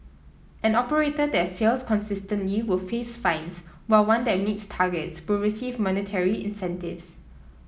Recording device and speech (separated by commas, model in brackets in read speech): mobile phone (iPhone 7), read sentence